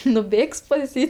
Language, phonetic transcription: Lithuanian, nuˈbėgs pas ˈjį

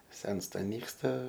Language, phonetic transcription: Lithuanian, ˈsensta ˈnyksta

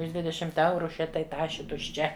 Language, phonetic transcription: Lithuanian, už ˈdvidešimt ˈeuru ˈše tai ˈtašė tušˈčia

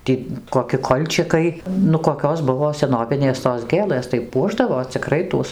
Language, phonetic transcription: Lithuanian, ˈtį koˈki ˈkolčikai nu koˈkios ˈbuvo seˈnovinės tos ˈgėlɘs tai ˈpuošdavo ciˈkrai ˈtuos

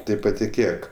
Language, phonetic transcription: Lithuanian, ˈtai patiˈkėk

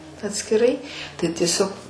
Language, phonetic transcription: Lithuanian, atskiˈrai tai tieˈsiog

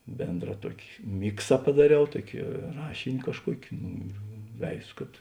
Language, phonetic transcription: Lithuanian, ˈbėndra ˈtuoki ˈmiksa padaˈriau ˈtuoki ˈrašini kažˈkuoki ˈnu ir ˈveizo kad

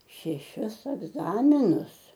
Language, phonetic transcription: Lithuanian, šeˈšis egˈzaminus

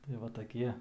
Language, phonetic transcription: Lithuanian, tai ˈva taˈkie

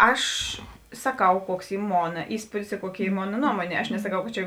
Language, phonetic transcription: Lithuanian, ˈaš saˈkau ˈkuoks ˈy ˈmona ˈįspūdis i ˈkuoˌki ˈy ˈmona ˈnuomonė aš nesaˈkau kad ˈčia

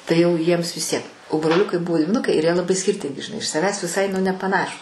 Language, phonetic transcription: Lithuanian, tai jau ˈjiems vis ˈtiek o broˈliukai ˈbuvo dviˈnukai ir jie laˈbai skirˈtingi žiˈnai iš saˈvęs viˈsai nu nepaˈnašūs

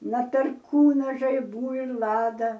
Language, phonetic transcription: Lithuanian, na perˈkūna žaiˈbų ir ˈlada

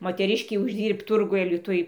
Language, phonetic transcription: Lithuanian, moteˈriškei užˈdyrbt ˈturguj aliˈtuj

